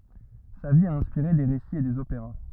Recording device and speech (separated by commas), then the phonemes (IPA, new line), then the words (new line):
rigid in-ear microphone, read sentence
sa vi a ɛ̃spiʁe de ʁesiz e dez opeʁa
Sa vie a inspiré des récits et des opéras.